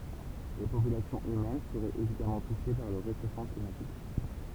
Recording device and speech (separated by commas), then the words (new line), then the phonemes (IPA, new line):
temple vibration pickup, read sentence
Les populations humaines seraient évidemment touchées par le réchauffement climatique.
le popylasjɔ̃z ymɛn səʁɛt evidamɑ̃ tuʃe paʁ lə ʁeʃofmɑ̃ klimatik